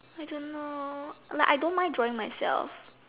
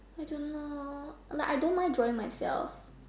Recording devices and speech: telephone, standing microphone, conversation in separate rooms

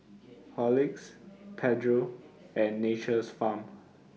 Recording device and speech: mobile phone (iPhone 6), read sentence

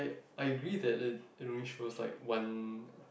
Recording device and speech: boundary microphone, conversation in the same room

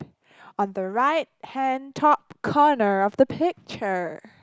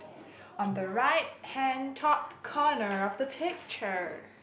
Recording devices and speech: close-talking microphone, boundary microphone, conversation in the same room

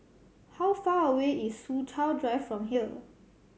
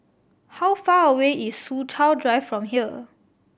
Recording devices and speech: mobile phone (Samsung C7100), boundary microphone (BM630), read sentence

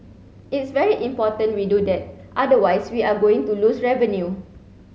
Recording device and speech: mobile phone (Samsung C7), read sentence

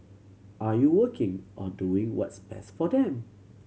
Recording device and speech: mobile phone (Samsung C7100), read sentence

